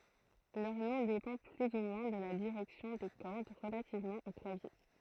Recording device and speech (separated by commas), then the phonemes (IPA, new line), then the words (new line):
throat microphone, read sentence
lœʁ nɔ̃ depɑ̃ ply u mwɛ̃ də la diʁɛksjɔ̃ de kɔʁd ʁəlativmɑ̃ o klavje
Leur nom dépend plus ou moins de la direction des cordes relativement au clavier.